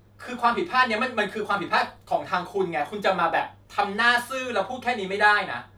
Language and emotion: Thai, angry